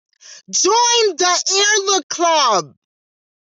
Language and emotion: English, surprised